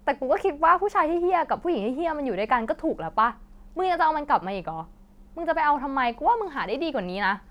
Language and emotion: Thai, angry